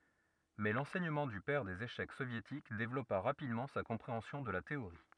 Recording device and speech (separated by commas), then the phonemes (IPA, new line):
rigid in-ear microphone, read sentence
mɛ lɑ̃sɛɲəmɑ̃ dy pɛʁ dez eʃɛk sovjetik devlɔpa ʁapidmɑ̃ sa kɔ̃pʁeɑ̃sjɔ̃ də la teoʁi